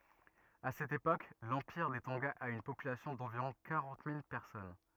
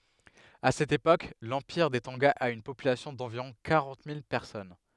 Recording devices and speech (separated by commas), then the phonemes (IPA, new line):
rigid in-ear microphone, headset microphone, read sentence
a sɛt epok lɑ̃piʁ de tɔ̃ɡa a yn popylasjɔ̃ dɑ̃viʁɔ̃ kaʁɑ̃t mil pɛʁsɔn